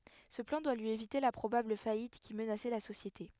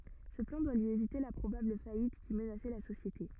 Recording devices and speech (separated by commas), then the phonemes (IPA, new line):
headset microphone, rigid in-ear microphone, read sentence
sə plɑ̃ dwa lyi evite la pʁobabl fajit ki mənasɛ la sosjete